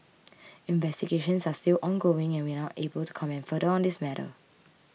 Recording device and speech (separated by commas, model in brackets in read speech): mobile phone (iPhone 6), read sentence